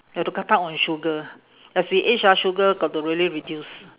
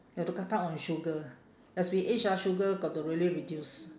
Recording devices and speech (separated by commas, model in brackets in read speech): telephone, standing microphone, conversation in separate rooms